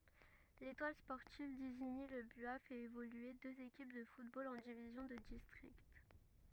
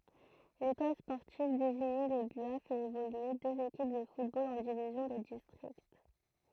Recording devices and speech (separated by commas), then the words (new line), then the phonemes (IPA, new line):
rigid in-ear microphone, throat microphone, read sentence
L'Étoile sportive d'Isigny-le-Buat fait évoluer deux équipes de football en divisions de district.
letwal spɔʁtiv diziɲi lə bya fɛt evolye døz ekip də futbol ɑ̃ divizjɔ̃ də distʁikt